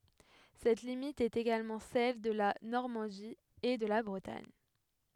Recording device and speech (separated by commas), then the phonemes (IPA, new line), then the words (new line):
headset microphone, read sentence
sɛt limit ɛt eɡalmɑ̃ sɛl də la nɔʁmɑ̃di e də la bʁətaɲ
Cette limite est également celle de la Normandie et de la Bretagne.